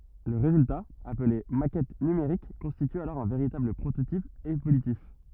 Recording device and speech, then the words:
rigid in-ear microphone, read sentence
Le résultat, appelé maquette numérique constitue alors un véritable prototype évolutif.

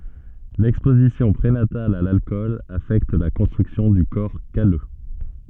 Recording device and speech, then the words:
soft in-ear microphone, read sentence
L'exposition prénatale à l'alcool affecte la construction du corps calleux.

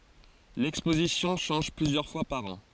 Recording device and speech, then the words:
forehead accelerometer, read sentence
L’exposition change plusieurs fois par an.

